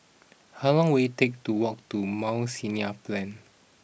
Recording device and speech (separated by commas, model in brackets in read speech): boundary microphone (BM630), read sentence